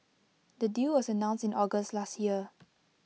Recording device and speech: mobile phone (iPhone 6), read sentence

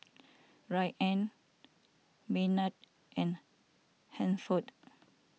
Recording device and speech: mobile phone (iPhone 6), read sentence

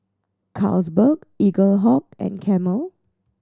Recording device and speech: standing microphone (AKG C214), read sentence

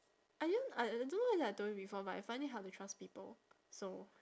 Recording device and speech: standing microphone, conversation in separate rooms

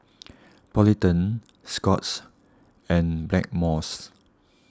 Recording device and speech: standing microphone (AKG C214), read sentence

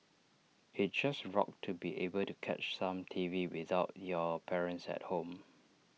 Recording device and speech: mobile phone (iPhone 6), read sentence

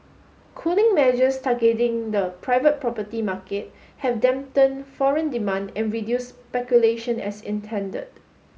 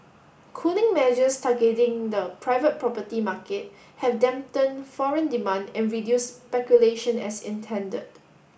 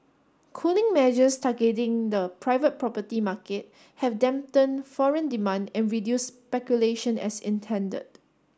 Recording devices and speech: mobile phone (Samsung S8), boundary microphone (BM630), standing microphone (AKG C214), read sentence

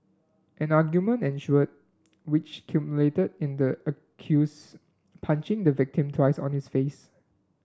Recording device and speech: standing microphone (AKG C214), read sentence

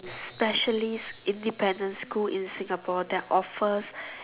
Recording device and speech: telephone, conversation in separate rooms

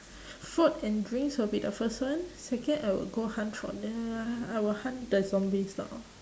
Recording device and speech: standing microphone, conversation in separate rooms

